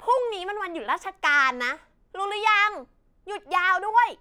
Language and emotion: Thai, angry